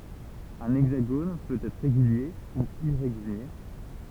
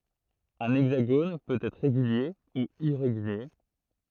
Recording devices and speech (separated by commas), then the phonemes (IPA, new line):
temple vibration pickup, throat microphone, read sentence
œ̃ ɛɡzaɡon pøt ɛtʁ ʁeɡylje u iʁeɡylje